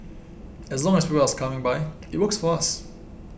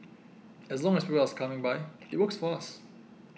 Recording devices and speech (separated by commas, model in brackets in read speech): boundary microphone (BM630), mobile phone (iPhone 6), read sentence